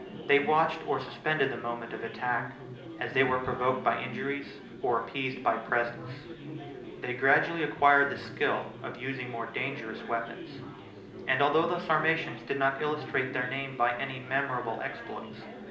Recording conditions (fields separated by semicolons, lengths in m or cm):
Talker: one person; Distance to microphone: 2.0 m; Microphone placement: close; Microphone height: 99 cm; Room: medium-sized (5.7 m by 4.0 m); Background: babble